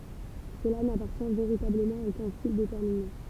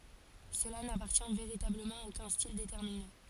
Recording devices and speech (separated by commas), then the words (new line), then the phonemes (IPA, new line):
temple vibration pickup, forehead accelerometer, read sentence
Cela n'appartient véritablement à aucun style déterminé.
səla napaʁtjɛ̃ veʁitabləmɑ̃ a okœ̃ stil detɛʁmine